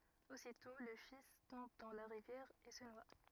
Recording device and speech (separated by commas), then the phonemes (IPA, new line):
rigid in-ear microphone, read sentence
ositɔ̃ lə fis tɔ̃b dɑ̃ la ʁivjɛʁ e sə nwa